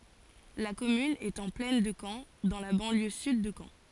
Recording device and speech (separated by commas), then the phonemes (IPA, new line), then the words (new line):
forehead accelerometer, read sentence
la kɔmyn ɛt ɑ̃ plɛn də kɑ̃ dɑ̃ la bɑ̃ljø syd də kɑ̃
La commune est en plaine de Caen, dans la banlieue sud de Caen.